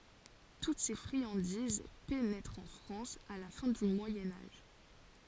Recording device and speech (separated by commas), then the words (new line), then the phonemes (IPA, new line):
forehead accelerometer, read sentence
Toutes ces friandises pénètrent en France à la fin du Moyen Âge.
tut se fʁiɑ̃diz penɛtʁt ɑ̃ fʁɑ̃s a la fɛ̃ dy mwajɛ̃ aʒ